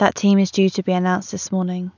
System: none